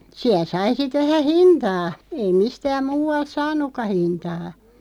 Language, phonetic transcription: Finnish, 'siäˡ sai 'sit vähä "hintaa , ei 'mistääm 'muu₍alt "saan̆nukka 'hintaa .
- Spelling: siellä sai sitten vähän hintaa ei mistään muualta saanutkaan hintaa

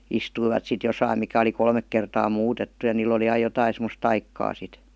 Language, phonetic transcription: Finnish, 'istuivat sit 'josaim mikä oli 'kolmek 'kertaa "muutettu ja niil ‿oli "aij̆ 'jotain semos "taikkaa sit .
- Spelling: istuivat sitten jossakin mikä oli kolme kertaa muutettu ja niillä oli aina jotakin semmoista taikaa sitten

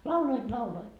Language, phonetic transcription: Finnish, 'lauloit 'lauloit .
- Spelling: lauloivat lauloivat

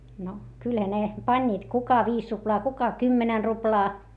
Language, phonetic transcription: Finnish, no , kylhä ne , pańńiit - kuka viis ruplaa kuka kymmenɛn ruplaa .
- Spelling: no kyllähän ne panivat kuka viisi ruplaa kuka kymmenen ruplaa

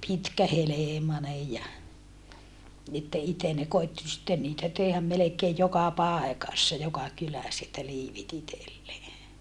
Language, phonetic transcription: Finnish, pitkähelèmanej ja , että iten ne koitti sitten niitä teehäm melekeej joka pàekassa joka kyläs että liivit ‿itellee .
- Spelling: pitkähelmainen ja että itse ne koetti sitten niitä tehdä melkein joka paikassa joka kylässä että liivit itselleen

